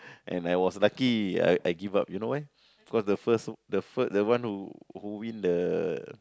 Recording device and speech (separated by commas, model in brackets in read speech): close-talking microphone, conversation in the same room